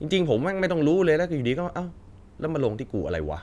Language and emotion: Thai, frustrated